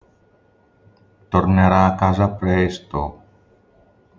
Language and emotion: Italian, sad